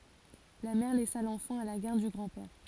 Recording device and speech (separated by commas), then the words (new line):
forehead accelerometer, read sentence
La mère laissa l'enfant à la garde du grand-père.